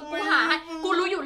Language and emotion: Thai, happy